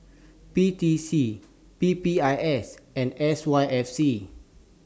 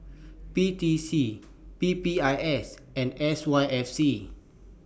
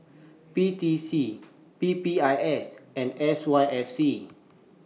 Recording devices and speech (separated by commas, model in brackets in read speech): standing microphone (AKG C214), boundary microphone (BM630), mobile phone (iPhone 6), read sentence